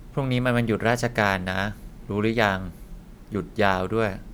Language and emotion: Thai, neutral